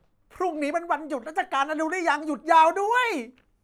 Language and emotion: Thai, happy